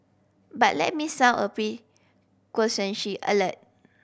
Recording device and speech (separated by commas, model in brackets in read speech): boundary microphone (BM630), read sentence